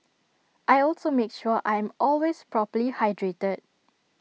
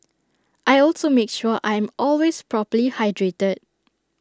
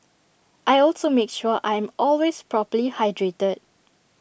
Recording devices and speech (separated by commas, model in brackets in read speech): mobile phone (iPhone 6), standing microphone (AKG C214), boundary microphone (BM630), read sentence